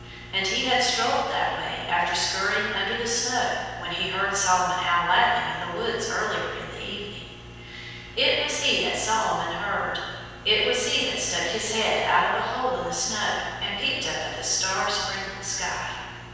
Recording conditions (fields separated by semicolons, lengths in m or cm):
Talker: one person; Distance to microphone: 7.1 m; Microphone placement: far; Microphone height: 1.7 m; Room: very reverberant, large; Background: none